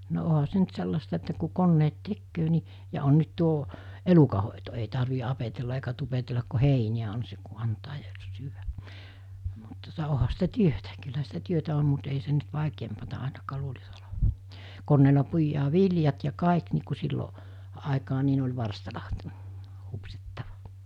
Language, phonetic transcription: Finnish, no 'oɦa se nyt 'sellasta että ku 'konneet "tekköö ni , ja on nyt 'tuo , 'elukahòeto ei tarvi apetella eikä tupetellak ko "heiniʲä on seᵑ ku antaa ja , 'syyvä , mut tuᵒta , oha sitä "työtä kylhä sitä 'työtä om mut ei sen nyt 'vàikeempata àinakaa 'luulis oleva , 'konneela 'puijaa "viljat ja 'kàik nii ku sillo , àekaa ni ne oĺ 'varstala , 'hupsittava .
- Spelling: no onhan se nyt sellaista että kun koneet tekee niin ja on nyt tuo elukanhoito ei tarvitse apetella eikä tupetella kun heiniä on sen kun antaa ja syödä mutta tuota onhan sitä työtä kyllähän sitä työtä on mutta ei sen nyt vaikeampaa ainakaan luulisi olevan koneella puidaan viljat ja kaikki niin kuin silloin aikaan niin ne oli varstalla hupsittava

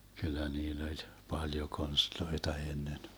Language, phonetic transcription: Finnish, 'kyllä 'niill ‿oĺ , 'paljo 'konstloita 'ennen .
- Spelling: kyllä niillä oli paljon konsteja ennen

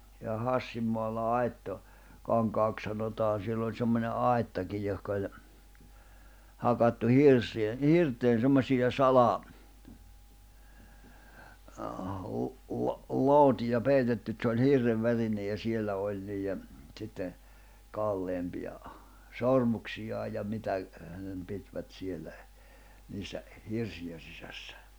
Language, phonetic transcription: Finnish, ja 'Hassim moalla 'Aitto- , -Kaŋkaak sanotaan̬ siell ‿oĺ semmońe "ài̬ttakij johka oĺ , 'hakattu 'hirsi₍e , "hirt̀een̬ 'semmośija 'sala- , lᵘ- , lo- , 'lootija 'peitetty et se oĺ 'hirrev 'värinej ja 'siellä 'oĺ niijje , ᵗsitten̬ , 'kalleempi₍a , "sormuksijaa ja 'mitä , hänem 'pitvät 'siellä , niissä , "hirsiʲen̬ 'sisässᴀ̈ .
- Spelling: ja Hassin maalla - Aittokankaaksi sanotaan siellä oli semmoinen aittakin johon oli hakattu hirsien hirteen semmoisia - - - lootia peitetty että se oli hirren värinen ja siellä oli niiden sitten kalleimpia sormuksia ja mitä hänen pitivät siellä niissä hirsien sisässä

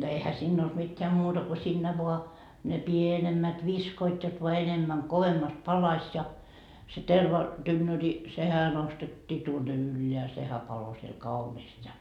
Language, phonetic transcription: Finnish, no ehä 'sinn ‿olD mitteä 'muta ko siinnä voa , ne "pienemmät 'viskoit jot voa 'enemmäŋ kovemmast 'palaś ja , 'terva- , tynnöri , 'sehä nostettii tuonne "ylleä 'sehä 'palo siel 'kauniist ja .
- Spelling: no eihän siinä ollut mitään muuta kuin siinä vain ne pienemmät viskoivat jotta vain enemmän kovemmasti palaisi ja - tervatynnyri sehän nostettiin tuonne ylös sehän paloi siellä kauniisti ja

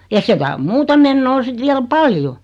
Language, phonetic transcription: Finnish, ja 'sekä om 'muuta mennoo 'sit viäl "paljo .
- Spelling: ja sekään on muuta menoa sitten vielä paljon

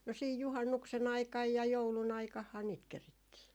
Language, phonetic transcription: Finnish, 'no siij "juhannukse'n ‿aikaj ja 'joulu'n ‿aikahhaa niit 'kerittii .
- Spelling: no siinä juhannuksen aikana ja joulun aikanahan niitä kerittiin

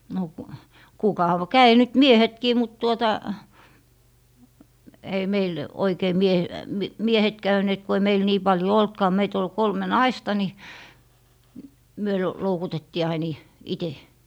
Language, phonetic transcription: Finnish, no , kukav - 'käi nyt "miehetkii mut tuota , ei meil , oikei mie - m - "miehet 'käyneet ku ei meil nii 'paljo "oltkaa meit ‿ol 'kolme "naista ni , myö l- , loukutettii ain i- , 'ite .
- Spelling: no - kävi nyt miehetkin mutta tuota ei meillä oikein - - miehet käyneet kun ei meillä niin paljon ollutkaan meitä oli kolme naista niin me - loukutettiin aina - itse

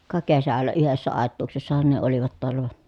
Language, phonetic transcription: Finnish, ka kesällä yhessä àet̆tuuksessahan ne olivat toalla va .
- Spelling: ka kesällä yhdessä aituuksessahan ne olivat taalla vaan

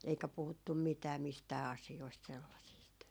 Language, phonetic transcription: Finnish, eikä 'puhuttum "mitää 'mistää 'asi₍oist , 'sellasiist .
- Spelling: eikä puhuttu mitään mistään asioista sellaisista

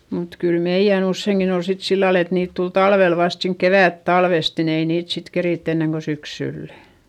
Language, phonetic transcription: Finnish, mut kyl meiʲän usseiŋkin ‿ol sit sillal ‿et niit tul talvel vast siink kevä̀ttalvest nin ‿ei niit sit kerìtt ‿enneŋ ko syksyllä .
- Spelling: mutta kyllä meidän useinkin oli sitten sillä lailla että niitä tuli talvella vasta siinä kevättalvesta niin ei niitä sitten keritty ennen kuin syksyllä

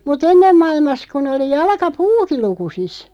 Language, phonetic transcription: Finnish, mu"t ‿ennem 'mailmas kun ‿oli 'jalka"puuki 'lukusis .
- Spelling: mutta ennen maailmassa kun oli jalkapuukin lukusissa

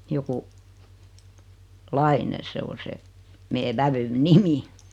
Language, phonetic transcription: Finnish, 'joku , "Laine 'se o 'se , 'mee "vävyn "nimi .
- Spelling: joku Laine se on se meidän vävyn nimi

